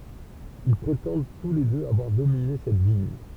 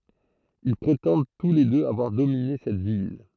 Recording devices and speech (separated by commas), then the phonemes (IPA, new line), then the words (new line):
temple vibration pickup, throat microphone, read sentence
il pʁetɑ̃d tu le døz avwaʁ domine sɛt vil
Ils prétendent tous les deux avoir dominé cette ville.